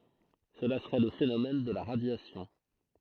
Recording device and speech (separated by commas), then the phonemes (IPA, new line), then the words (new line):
throat microphone, read sentence
səla səʁɛ lə fenomɛn də la ʁadjasjɔ̃
Cela serait le phénomène de la radiation.